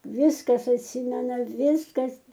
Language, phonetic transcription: Lithuanian, ˈviskas atˈsimena ˈviskas

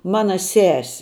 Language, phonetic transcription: Lithuanian, ˈmana ˈsesi

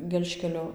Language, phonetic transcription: Lithuanian, ˈgelžkelio

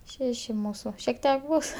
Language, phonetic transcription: Lithuanian, ˈšeši ˈmūsu šiek ˈtiek ˈbūs

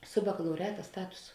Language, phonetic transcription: Lithuanian, su bakalauˈreta ˈstatusu

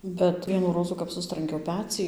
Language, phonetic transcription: Lithuanian, bet ˈvienų ˈrozų kap ˈsustrankiau ˈpecį

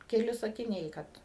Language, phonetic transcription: Lithuanian, keˈli sakiˈniai ˈkad

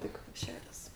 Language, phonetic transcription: Lithuanian, tik ˈšerias

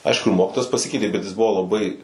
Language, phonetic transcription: Lithuanian, ˈaišku ir ˈmokitojas paˈsikeitė bet jis ˈbuvo laˈbai

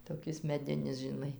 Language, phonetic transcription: Lithuanian, toˈkis meˈdinis žiˈnai

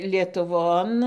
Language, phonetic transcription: Lithuanian, lietuˈvon

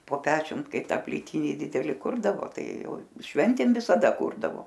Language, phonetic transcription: Lithuanian, po ˈpečium ˈkaip ˈtą plyˈtini ˈdideli ˈkurdavo ˈtai ˈjau ˈšventėm visaˈda ˈkūrdavo

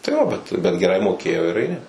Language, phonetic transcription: Lithuanian, tai ˈjo bet ˈbet geˈrai moˈkėjo ir aiˈni

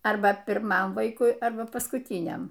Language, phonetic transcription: Lithuanian, ˈarba pirˈmam ˈvaikui ˈarba paskuˈtyniam

